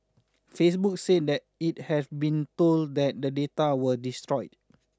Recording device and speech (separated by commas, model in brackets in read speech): standing microphone (AKG C214), read sentence